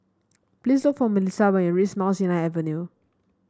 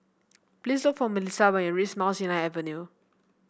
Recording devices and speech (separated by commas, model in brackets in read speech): standing microphone (AKG C214), boundary microphone (BM630), read sentence